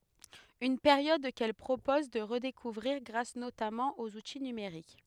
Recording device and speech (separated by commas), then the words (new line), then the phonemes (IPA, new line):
headset microphone, read sentence
Une période qu’elle propose de redécouvrir grâce notamment aux outils numériques.
yn peʁjɔd kɛl pʁopɔz də ʁədekuvʁiʁ ɡʁas notamɑ̃ oz uti nymeʁik